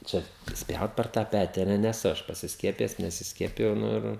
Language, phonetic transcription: Lithuanian, ˈčia ˈspjaut per tą ˈpeti a ˈne neˈsu ˈaš pasisˈkiepijes nesisˈkiepijau ˈnu ir

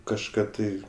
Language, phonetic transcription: Lithuanian, kažˈką tai

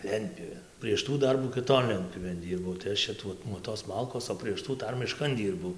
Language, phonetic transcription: Lithuanian, ˈlentpjūvėn prieš ˈtų ˈdarbų kiˈton ˈlentpjūvėn ˈdyrbau tai ˈaš čia ˈtuo nuo tos ˈmalkos o prieš ˈtų ˈdar miˈškan ˈdyrbau

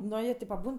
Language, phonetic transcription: Lithuanian, ˈno jie ˈtė paˈbūn

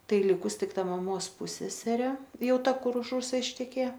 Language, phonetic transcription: Lithuanian, ˈtai ˈlikus ˈtik ˈta maˈmos ˈpuseserė ˈjau ˈta kur už ˈrusa išteˈkėja

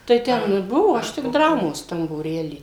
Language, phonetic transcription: Lithuanian, tai ˈten ir ˈbuvo ˈaš tik ˈdramos ˈtam būˈrely

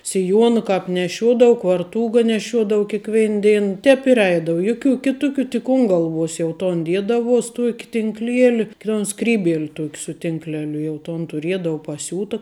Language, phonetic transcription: Lithuanian, siˈjuona ˈkāp neˈšiuodavu kvarˈtūga neˈšiuodavu kėˈkvein ˈdein ˈtēp ir ˈeidavu ˈjuˌkių ˈkituˌkių tik un ˈgalˌvuos jau ˈton ˈdiedavuos ˈtuoki tinkˈlieli ton ˈskrybiel' ˈtuok' su tinkˈleliu jau ˈton tuˈriedavu paˈsiūta

